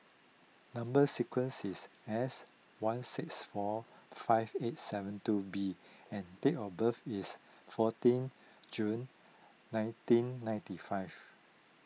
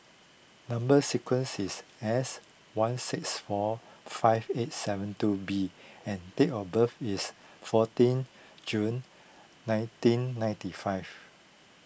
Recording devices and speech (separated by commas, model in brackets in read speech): mobile phone (iPhone 6), boundary microphone (BM630), read sentence